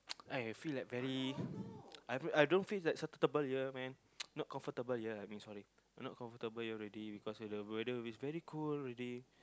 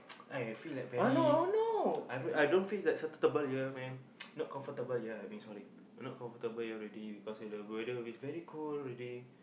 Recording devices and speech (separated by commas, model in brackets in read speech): close-talking microphone, boundary microphone, conversation in the same room